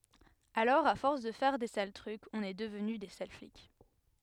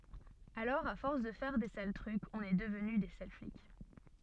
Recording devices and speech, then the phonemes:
headset microphone, soft in-ear microphone, read sentence
alɔʁ a fɔʁs də fɛʁ de sal tʁykz ɔ̃n ɛ dəvny de sal flik

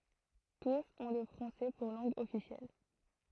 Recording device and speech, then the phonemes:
throat microphone, read sentence
tus ɔ̃ lə fʁɑ̃sɛ puʁ lɑ̃ɡ ɔfisjɛl

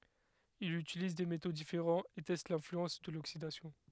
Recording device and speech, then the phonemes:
headset microphone, read sentence
il ytiliz de meto difeʁɑ̃z e tɛst lɛ̃flyɑ̃s də loksidasjɔ̃

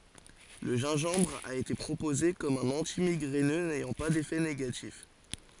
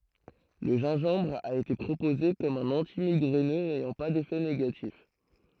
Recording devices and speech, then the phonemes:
forehead accelerometer, throat microphone, read sentence
lə ʒɛ̃ʒɑ̃bʁ a ete pʁopoze kɔm œ̃n ɑ̃timiɡʁɛnø nɛjɑ̃ pa defɛ neɡatif

